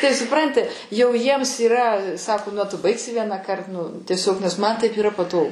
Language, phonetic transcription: Lithuanian, ˈtai suˈpranti jau ˈjiems yˈra ˈsako nu a tu ˈbaigsi ˈvienąkart nu tieˈsiog nes man taip yˈra paˈtogu

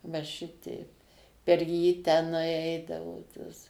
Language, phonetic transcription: Lithuanian, va ˈšiteip per jį teˈnai ˈeidavo tos

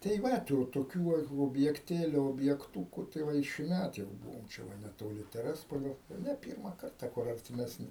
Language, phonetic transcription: Lithuanian, tai ˈva tų toˈkių va objekˈtėliu objekˈtūku tai ˈva i šiˈmæt jau ˈbūvom čia ˈva netoˈli teˈrespolio ne ˈpyrma ˈkarta kur artimesˈni

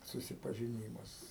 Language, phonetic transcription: Lithuanian, susipažiˈnymas

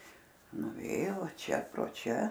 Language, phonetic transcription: Lithuanian, nuˈvėjo ˈva ˈčia pro ˈčia

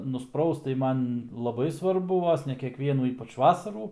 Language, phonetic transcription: Lithuanian, nusˈpraust tai ˈman laˈbai svarˈbu ˈvos ne kekˈvienų ˈypač ˈvasarų

